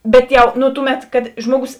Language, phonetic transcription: Lithuanian, ˈbet jau ˈnu ˈtuˌmet kad ˈžmuoˌgus

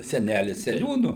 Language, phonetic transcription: Lithuanian, seˈnælis seˈniūnu

